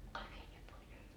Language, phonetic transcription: Finnish, 'kaik viet́ii pois .
- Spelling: kaikki vietiin pois

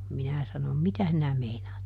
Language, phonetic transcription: Finnish, ˈminä sanom » "mitä sinä ˈmeinaat » .
- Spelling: minä sanoin mitä sinä meinaat

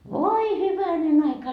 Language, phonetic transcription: Finnish, 'voi "hyvänen ‿aika .
- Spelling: voi hyvänen aika

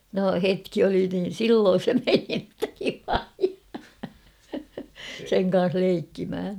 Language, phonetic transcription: Finnish, no "hetki oli niin̬ "silloon̬ se 'meni ᵉttä "vilaji , , 'seŋ kan̬s 'leikkimʰä .
- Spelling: no hetki oli niin silloin se meni että vilaji sen kanssa leikkimään

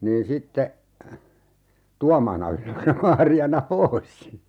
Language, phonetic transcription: Finnish, niin 'sitte , 'Tuamaana (ylös) ja 'Maari₍ana "pois .
- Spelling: niin sitten Tuomaana ylös ja Maariana pois

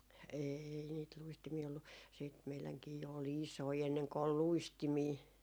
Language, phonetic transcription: Finnish, 'eei niit 'luistimii ollu , siit meiläŋkii jo ol "isoi enneŋko ol "luistimii .
- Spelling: ei niitä luistimia ollut sitten meidänkin jo oli isoja ennen kuin oli luistimia

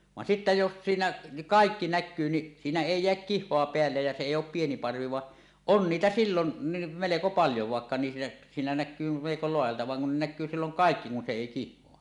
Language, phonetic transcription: Finnish, van sittä jos 'siinä niˀ , "kàikki "näkkyy ni , siinä 'èi 'jeäk "kih̆hoa peällej ja se èij ‿òp 'pieni 'parvi va , on "niitä 'sillonni , 'meleko paljo vàekka niis- , siinä näk̆kyy meleko 'loajalta van ne kun näk̆kyy silloŋ "kàekki kun se 'èi "kih̆hoa .
- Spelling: vaan sitten jos siinä niin kaikki näkyy niin siinä ei jää kihoa päälle ja se ei ole pieni parvi vaan on niitä silloinkin melko paljon vaikka niissä siinä näkyy melko laajalta vaan ne kun näkyy silloin kaikki kun se ei kihoa

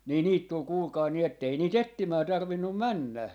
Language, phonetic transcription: Finnish, nii 'niit tul 'kuulkai ni ‿ettei 'nii"t ‿ettimää 'tarvinnum "männä » .
- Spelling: niin niitä tuli kuulkaa niin että ei niitä etsimään tarvinnut mennä

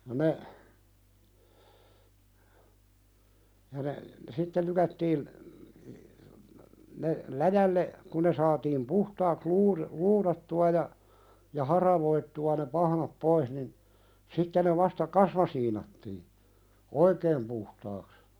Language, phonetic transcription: Finnish, ja ne , ja ne , 'sitte lykättiin , ne "läjälle , kun ne saatiim "puhtaaks 'luuði- , 'luuðattu₍a ja , ja 'haravoittu₍a ne "pahnap 'pois nin , 'sitte ne vasta "kasmasiinattii , "oikeem puhtaaks .
- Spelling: ja ne ja ne sitten lykättiin ne läjälle kun ne saatiin puhtaaksi - luudattua ja ja haravoitua ne pahnat pois niin sitten ne vasta kasmasiinattiin oikein puhtaaksi

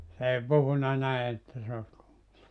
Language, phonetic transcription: Finnish, s ‿ei 'puhuna 'näi että se (os kuulunu) .
- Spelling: se ei puhunut näin että se olisi kuulunut

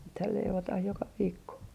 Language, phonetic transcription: Finnish, nythäl 'leivotah 'joka 'viikko .
- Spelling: nythän leivotaan joka viikko

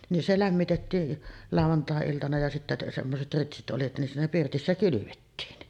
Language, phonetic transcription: Finnish, nin "se 'lämmitettii , 'làuvantàe₍iltana ja sittä semmoset "ritsit '’oli nin siinä 'pirtissä "kylyvettiin .
- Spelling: niin se lämmitettiin lauantai-iltana ja sitten semmoiset ritsit oli niin siinä pirtissä kylvettiin

